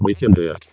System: VC, vocoder